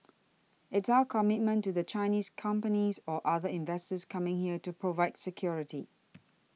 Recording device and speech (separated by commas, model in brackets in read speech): mobile phone (iPhone 6), read sentence